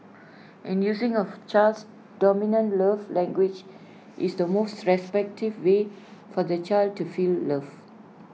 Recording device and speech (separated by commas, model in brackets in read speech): mobile phone (iPhone 6), read sentence